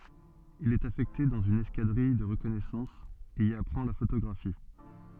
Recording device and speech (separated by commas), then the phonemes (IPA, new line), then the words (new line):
soft in-ear microphone, read sentence
il ɛt afɛkte dɑ̃z yn ɛskadʁij də ʁəkɔnɛsɑ̃s e i apʁɑ̃ la fotoɡʁafi
Il est affecté dans une escadrille de reconnaissance, et y apprend la photographie.